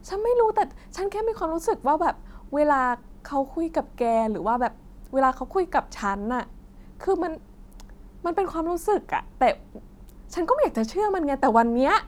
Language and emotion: Thai, happy